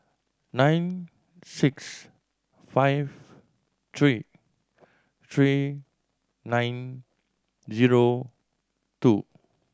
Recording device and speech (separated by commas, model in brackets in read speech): standing microphone (AKG C214), read sentence